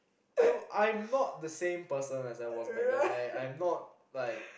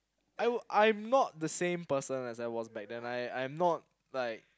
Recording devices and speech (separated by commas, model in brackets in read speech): boundary microphone, close-talking microphone, conversation in the same room